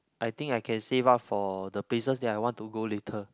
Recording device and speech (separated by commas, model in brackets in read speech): close-talking microphone, conversation in the same room